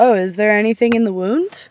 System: none